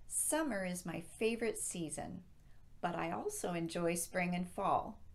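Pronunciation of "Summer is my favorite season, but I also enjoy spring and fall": The voice falls at the end of 'Summer is my favorite season', on 'season' before the comma, as it would at the end of a sentence.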